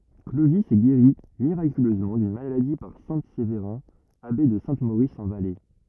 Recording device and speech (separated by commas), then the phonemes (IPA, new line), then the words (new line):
rigid in-ear microphone, read sentence
klovi ɛ ɡeʁi miʁakyløzmɑ̃ dyn maladi paʁ sɛ̃ sevʁɛ̃ abe də sɛ̃ moʁis ɑ̃ valɛ
Clovis est guéri miraculeusement d'une maladie par saint Séverin, abbé de Saint-Maurice en Valais.